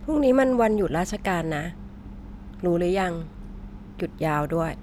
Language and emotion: Thai, neutral